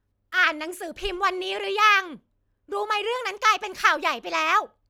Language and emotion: Thai, angry